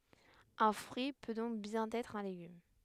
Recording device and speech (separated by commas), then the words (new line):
headset microphone, read sentence
Un fruit peut donc bien être un légume.